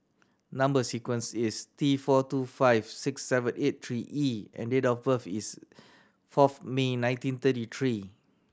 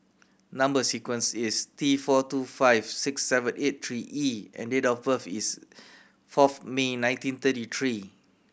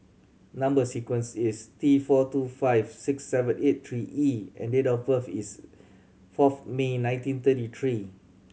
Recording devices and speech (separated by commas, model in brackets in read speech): standing microphone (AKG C214), boundary microphone (BM630), mobile phone (Samsung C7100), read sentence